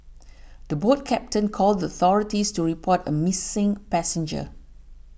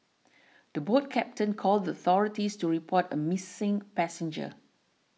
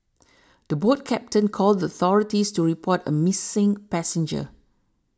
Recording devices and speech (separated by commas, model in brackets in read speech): boundary microphone (BM630), mobile phone (iPhone 6), standing microphone (AKG C214), read sentence